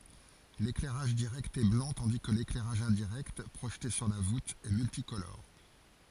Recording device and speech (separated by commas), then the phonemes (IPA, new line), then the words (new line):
forehead accelerometer, read sentence
leklɛʁaʒ diʁɛkt ɛ blɑ̃ tɑ̃di kə leklɛʁaʒ ɛ̃diʁɛkt pʁoʒte syʁ la vut ɛ myltikolɔʁ
L'éclairage direct est blanc tandis que l'éclairage indirect, projeté sur la voûte, est multicolore.